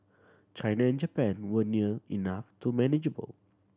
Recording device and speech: standing microphone (AKG C214), read sentence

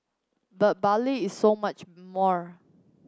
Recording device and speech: close-talking microphone (WH30), read sentence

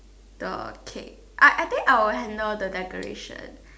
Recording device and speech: standing microphone, conversation in separate rooms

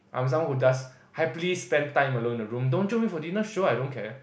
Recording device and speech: boundary microphone, conversation in the same room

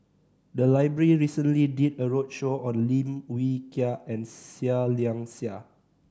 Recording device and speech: standing microphone (AKG C214), read sentence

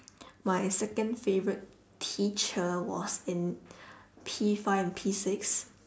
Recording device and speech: standing microphone, conversation in separate rooms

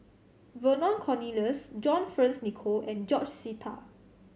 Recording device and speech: mobile phone (Samsung C7100), read sentence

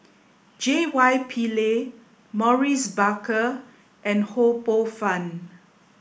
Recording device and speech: boundary microphone (BM630), read sentence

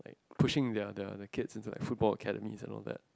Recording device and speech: close-talking microphone, conversation in the same room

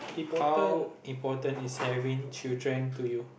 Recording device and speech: boundary microphone, conversation in the same room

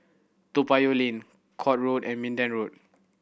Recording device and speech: boundary microphone (BM630), read sentence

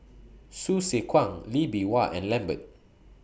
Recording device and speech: boundary microphone (BM630), read sentence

